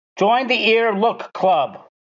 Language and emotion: English, neutral